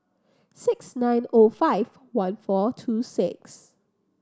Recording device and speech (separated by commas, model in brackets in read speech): standing microphone (AKG C214), read sentence